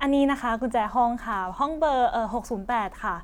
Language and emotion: Thai, neutral